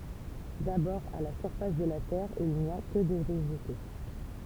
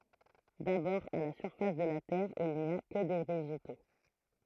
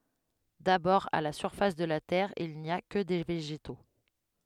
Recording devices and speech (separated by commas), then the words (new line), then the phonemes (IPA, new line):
temple vibration pickup, throat microphone, headset microphone, read sentence
D’abord à la surface de la terre il n’y a que des végétaux.
dabɔʁ a la syʁfas də la tɛʁ il ni a kə de veʒeto